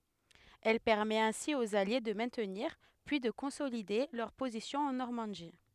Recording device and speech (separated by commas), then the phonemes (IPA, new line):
headset microphone, read sentence
ɛl pɛʁmɛt ɛ̃si oz alje də mɛ̃tniʁ pyi də kɔ̃solide lœʁ pozisjɔ̃z ɑ̃ nɔʁmɑ̃di